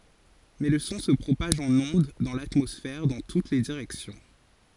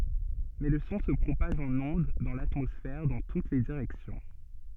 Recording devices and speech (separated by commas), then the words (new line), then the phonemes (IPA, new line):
forehead accelerometer, soft in-ear microphone, read sentence
Mais le son se propage en ondes dans l'atmosphère dans toutes les directions.
mɛ lə sɔ̃ sə pʁopaʒ ɑ̃n ɔ̃d dɑ̃ latmɔsfɛʁ dɑ̃ tut le diʁɛksjɔ̃